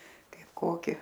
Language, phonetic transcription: Lithuanian, ˈkaip ˈkoki

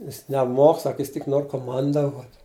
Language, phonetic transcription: Lithuanian, ˈjis neˈmok ˈsak ˈjis tik ˈnor koˈmandavot'

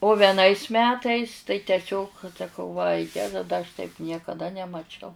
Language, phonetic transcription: Lithuanian, o veˈnais ˈmetais tai teˈsiog saˈkau va ˈjeza da aš taip niekaˈda nemaˈčiau

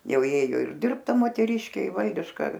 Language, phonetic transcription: Lithuanian, ˈjau ˈjėjo ir ˈdirbt ˈta moteˈriškė i ˈvaldiška

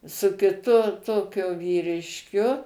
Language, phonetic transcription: Lithuanian, su kiˈtu ˈtokiu vyrišˈkiu

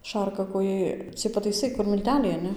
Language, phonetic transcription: Lithuanian, ˈšarkakojai ciej pataiˈsai kur milˈteliai aˈne

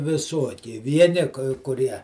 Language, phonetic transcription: Lithuanian, viˈsuoki ˈvieni kai kuˈrie

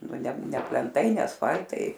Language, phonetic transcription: Lithuanian, ˈnu ˈne ˈne plenˈtai ˈne asˈfal'tai

